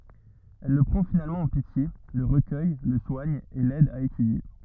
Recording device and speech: rigid in-ear microphone, read sentence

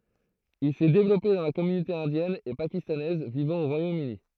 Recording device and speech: throat microphone, read sentence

